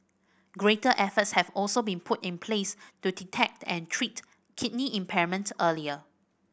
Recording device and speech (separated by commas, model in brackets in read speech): boundary microphone (BM630), read sentence